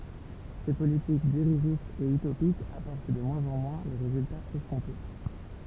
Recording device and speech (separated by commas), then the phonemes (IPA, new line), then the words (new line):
temple vibration pickup, read sentence
se politik diʁiʒistz e ytopikz apɔʁt də mwɛ̃z ɑ̃ mwɛ̃ le ʁezyltaz ɛskɔ̃te
Ces politiques dirigistes et utopiques apportent de moins en moins les résultats escomptés.